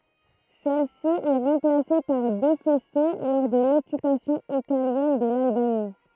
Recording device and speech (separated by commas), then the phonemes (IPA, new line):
throat microphone, read sentence
sɛl si ɛ ʁɑ̃plase paʁ dø fɛso lɔʁ də lɔkypasjɔ̃ italjɛn də lalbani